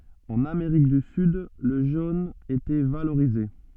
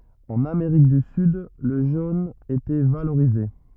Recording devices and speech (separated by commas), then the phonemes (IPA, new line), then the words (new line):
soft in-ear microphone, rigid in-ear microphone, read sentence
ɑ̃n ameʁik dy syd lə ʒon etɛ valoʁize
En Amérique du Sud, le jaune était valorisé.